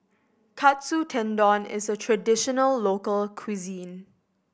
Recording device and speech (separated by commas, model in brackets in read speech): boundary microphone (BM630), read sentence